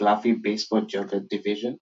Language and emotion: English, surprised